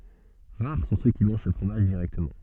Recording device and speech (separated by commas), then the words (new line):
soft in-ear microphone, read sentence
Rares sont ceux qui mangent ce fromage directement.